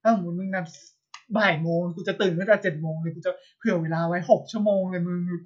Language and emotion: Thai, happy